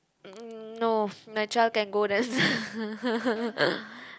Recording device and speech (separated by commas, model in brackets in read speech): close-talking microphone, conversation in the same room